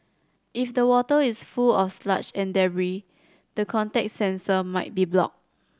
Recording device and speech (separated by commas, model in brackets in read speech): standing microphone (AKG C214), read sentence